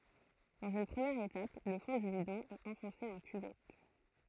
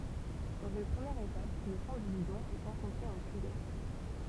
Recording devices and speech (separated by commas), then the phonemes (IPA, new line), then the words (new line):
throat microphone, temple vibration pickup, read sentence
dɑ̃z yn pʁəmjɛʁ etap lə fɔ̃ dy bidɔ̃ ɛt ɑ̃fɔ̃se ɑ̃ kyvɛt
Dans une première étape, le fond du bidon est enfoncé en cuvette.